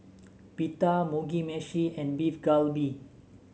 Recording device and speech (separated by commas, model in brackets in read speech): mobile phone (Samsung S8), read sentence